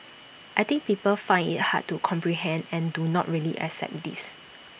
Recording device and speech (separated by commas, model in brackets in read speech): boundary microphone (BM630), read sentence